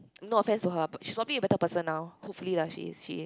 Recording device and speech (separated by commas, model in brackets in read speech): close-talking microphone, conversation in the same room